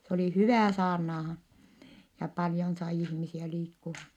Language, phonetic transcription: Finnish, s ‿oli hyvä̀ saarnaahan , ja paljon sai ihmisiä liikku(han) .
- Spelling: se oli hyvä saarnaamaan ja paljon sai ihmisiä liikkumaan

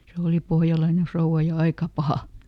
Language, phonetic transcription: Finnish, ˈse òli ˈpohjalaine ˈfrouʷa ja ˈaika "paha !
- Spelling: se oli pohjalainen rouva ja aika paha

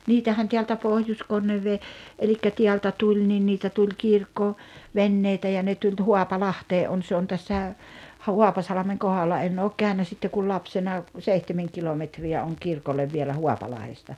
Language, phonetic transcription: Finnish, 'niitähän teältä 'Pohjoskonnevvee , elikkä 'tiältä 'tuĺ nin 'niitä tuĺ 'kirkko- , "venneitä ja ne tuĺ 'Ho̭apalahtee ’on se on 'tässä , 'Huapasalᵃmeŋ 'kohalla en ook 'kä̀önä sitte kul 'lapsena , 'seihtemeŋ 'kilometri₍ä oŋ 'kirkollev vielä "Huapalahesta .
- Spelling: niitähän täältä Pohjois-Konneveden eli täältä tuli niin niitä tuli - kirkkoveneitä ja ne tuli Haapalahteen on se on tässä Haapasalmen kohdalla en ole käynyt sitten kuin lapsena seitsemän kilometriä on kirkolle vielä Haapalahdesta

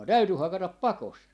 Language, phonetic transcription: Finnish, 'täyty "hakatap "pakost .
- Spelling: täytyi hakata pakosta

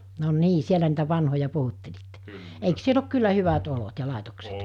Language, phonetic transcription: Finnish, no 'nii 'sielä niitä 'vanhoja 'puhuttelitte , eiks 'siel ‿ok 'kyllä 'hyvat 'olot ja 'làetokset ?
- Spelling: no niin siellä niitä vanhoja puhuttelitte eikös siellä ole kyllä hyvät olot ja laitokset

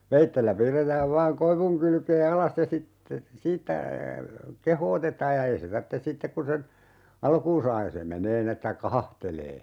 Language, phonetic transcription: Finnish, "veittellä 'piirretääv vaaŋ "koivuŋ 'kylkee "alas ja sitte , 'siittä , "kehootetaaj ja 'ei se 'tartte "sittek kun sen , 'alkuun saa ja se 'menee nin ‿että "kahahtelee .
- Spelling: veitsellä piirretään vain koivun kylkeen alas ja sitten siitä kehotetaan ja ei se tarvitse sitten kun sen alkuun saa ja se menee niin että kahahtelee

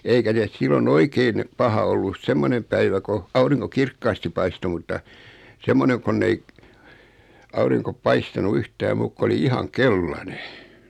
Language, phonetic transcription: Finnish, eikä (nes) 'sillo"n ‿oikein , 'paha ollu "semmonem päivä ko , 'auriŋko "kirkkaasti paisto 'mutta , 'semmoneŋ kon'n ‿ei , auriŋko 'paistanu "yhtää 'muuk ko oli 'ihaŋ "kellane .
- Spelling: eikä ne silloin oikein paha ollut semmoinen päivä kun aurinko kirkkaasti paistoi mutta semmoinen kun ei aurinko paistanut yhtään muuta kuin oli ihan keltainen

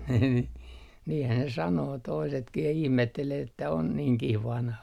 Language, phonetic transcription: Finnish, nii niihän ne 'sanoo 'toisetkih ja 'ihmettelee että on 'niiŋkih "vanha .
- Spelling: niin niinhän ne sanoo toisetkin ja ihmettelee että on niinkin vanha

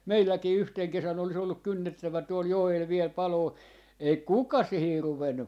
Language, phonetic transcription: Finnish, "meilläkii 'yhteŋ 'kesän olis ‿olluk "kynnettävä 'tuol 'joel viɛl "paloo , 'ei "kuka 'sihir 'ruvennu .
- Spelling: meilläkin yhtenä kesänä olisi ollut kynnettävä tuolla joella vielä paloa ei kukaan siihen ruvennut

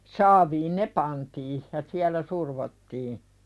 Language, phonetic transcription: Finnish, 'saaviin "ne pantii , ja 'siäl̆lä "survottii .
- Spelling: saaviin ne pantiin ja siellä survottiin

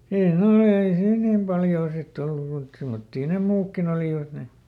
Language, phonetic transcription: Finnish, ei ˈne ollee ei ˈsiin ˈnim paljoo ˈsitˈt ‿ollu muit , ˈsemmottii ne "muukkin ‿olìvat ˈne .
- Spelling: ei ne olleet ei siinä niin paljoa sitten ollut muita semmoisia ne muutkin olivat ne

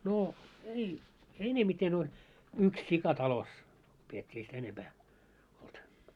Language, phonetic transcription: Finnish, no , ei , 'enemiten oĺ , "yks 'sika 'talos , piet́t́ii ei sitä 'enempää , olt .
- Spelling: no ei enemmiten oli yksi sika talossa pidettiin ei sitä enempää ollut

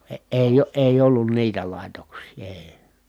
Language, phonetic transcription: Finnish, e- èi , èij ‿ollun niitä làitoks̀ii èi̮ .
- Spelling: - ei ei ollut niitä laitoksia ei

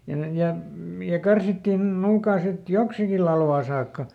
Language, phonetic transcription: Finnish, ja ne , ˈja , m- ja ˈkarsittìn ˈnuukaa sit "joksiki lalvaa ˈsaakka .
- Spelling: ja ne ja - ja karsittiin nuukaan sitten joksikin latvaan saakka

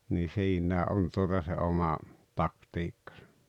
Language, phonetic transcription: Finnish, nii 'siiǹää "’on tuota se oma , "taktiikkᴀsᴀ .
- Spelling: niin siinä on tuota se oma taktiikkansa

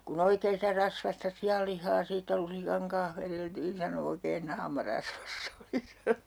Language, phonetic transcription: Finnish, » ku'n ‿oikee sitä "rasvasta 'si₍allih̆haa siittä 'lusikaŋ kanh 'vereltiin » sano » oikeen "naama 'rasvas's ‿oli » sano .
- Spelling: kun oikein sitä rasvaista sianlihaa siitä lusikan kanssa vedeltiin sanoi oikein naama rasvassa oli sanoi

